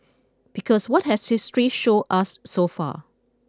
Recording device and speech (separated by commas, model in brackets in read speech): close-talking microphone (WH20), read sentence